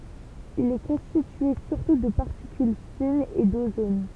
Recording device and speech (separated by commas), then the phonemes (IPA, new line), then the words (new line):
temple vibration pickup, read sentence
il ɛ kɔ̃stitye syʁtu də paʁtikyl finz e dozon
Il est constitué surtout de particules fines et d'ozone.